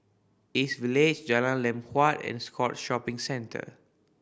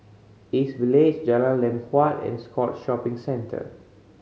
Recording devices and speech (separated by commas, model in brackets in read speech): boundary microphone (BM630), mobile phone (Samsung C5010), read sentence